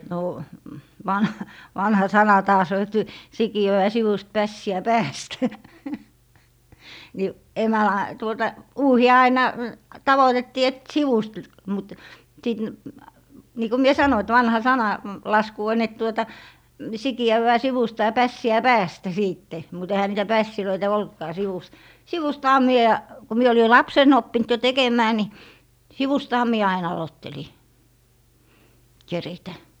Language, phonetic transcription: Finnish, nò , van - , 'vanha "sana 'taas ‿o et , 'sikijö₍ä "sivust 'pässi₍ä "pääst , ni , 'emälam- , tuota , "uuhi₍a aina , 'tavotettii et "sivust , l - mut- , sit , nii ko mie 'sano et 'vanha "sana- , -'lasku on et tuota , 'siki₍ävvää 'sivusta ja 'pässi₍ä "päästä 'siitte , mut ehä 'niitä "pässilöitä 'oltkaa 'sivust , "sivustaha 'mie , ku mie oli "lapsen ‿oppint jo 'tekem̀ää ni , 'sivustaha mie ain 'alotteli , 'keritä .
- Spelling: no - vanha sana taas on että sikiötä sivusta pässiä päästä niin - tuota uuhia aina tavoitettiin että sivusta - - sitten niin kun minä sanoin että vanha - sananlasku on että tuota sikiävää sivusta ja pässiä päästä sitten mutta eihän niitä pässejä ollutkaan sivusta sivustahan minä kun minä oli lapsena oppinut jo tekemään niin sivustahan minä aina aloittelin keritä

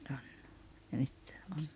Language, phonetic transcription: Finnish, '’on , ja 'nyt , ’on ,.
- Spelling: on ja nyt on

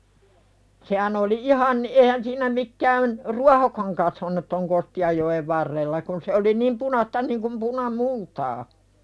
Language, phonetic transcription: Finnish, sehän ‿oli "’ihan , '’ehän siinä mikkään , "ruahokaŋ kasvanut ton 'Kosti₍ajjo₍ev varrella kun se oli niim 'punasta niŋkum puna"multaa .
- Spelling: sehän oli ihan eihän siinä mikään ruohokaan kasvanut tuon Kostianjoen varrella kun se oli niin punaista niin kuin punamultaa

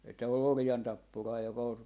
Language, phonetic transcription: Finnish, että ol "orjantappuraa joka ol ,.
- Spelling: että oli orjantappuraa joka oli

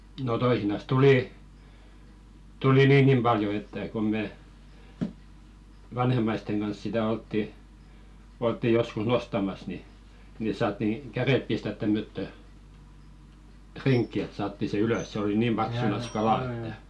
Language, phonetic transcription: Finnish, no 'toisinas tulì , tuli "niiŋɢim 'ʙaljo että kom me , "vanhem̆maisteŋ ɢans sitä 'oltti , oltti 'joskus "nostamas ni , ni 'saatti , "kärèp pistät tämmöttö , "triŋkki et 'saatti se "ylös se oli "niim 'ʙaksunas "kalà että .
- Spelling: no toisinaan tuli tuli niinkin paljon että kun me vanhemmaisten kanssa sitä oltiin oltiin joskus nostamassa niin niin saatiin kädet pistää tämmöttöön rinkiin että saatiin se ylös se oli niin paksunansa kalaa että

